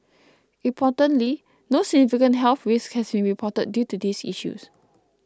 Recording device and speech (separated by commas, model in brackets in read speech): close-talking microphone (WH20), read sentence